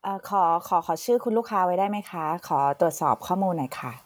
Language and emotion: Thai, neutral